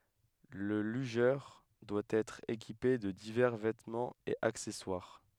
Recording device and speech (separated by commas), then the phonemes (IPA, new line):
headset microphone, read sentence
lə lyʒœʁ dwa ɛtʁ ekipe də divɛʁ vɛtmɑ̃z e aksɛswaʁ